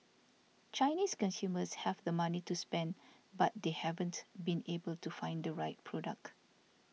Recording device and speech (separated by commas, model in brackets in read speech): mobile phone (iPhone 6), read sentence